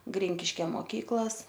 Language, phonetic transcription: Lithuanian, ˈgrinkiškia moˈkyklas

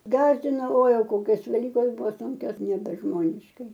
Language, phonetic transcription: Lithuanian, ˈgasdino oi ˈjau ˈkokios veˈlykos ˈbuvo ˈsunkios nebeˈžmoniškai

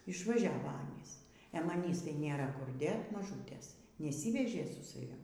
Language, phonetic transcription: Lithuanian, išvaˈžiavo ˈanys e maˈnys tai ˈnėra kur ˈdėt maˈžūtės neˈsyvežė su saˈvim

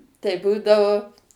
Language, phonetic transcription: Lithuanian, tai ˈbūdavo

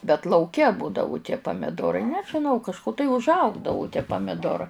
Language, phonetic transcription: Lithuanian, bet lauˈke ˈbūdavu tie pamiˈdorai nežiˈnau kažˈku tai užˈaugdavu tie pamiˈdora

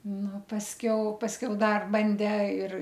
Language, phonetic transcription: Lithuanian, ˈnu pasˈkiau pasˈkiau ˈdar ˈbandė ir

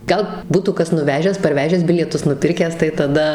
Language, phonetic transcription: Lithuanian, gal ˈbūtų ˈkas nuˈvežęs parˈvežęs ˈbilietus nuˈpirkęs tai taˈda

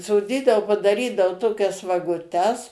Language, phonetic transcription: Lithuanian, soˈdydao padaˈrydao ˈtokias vaguˈtes

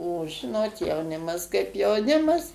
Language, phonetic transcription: Lithuanian, o ˈžinot jauˈnimas kaip jauˈnimas

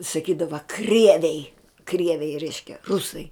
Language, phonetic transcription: Lithuanian, saˈkydava ˈkrieviai ˈkrieviai ˈreiškia ˈrusai

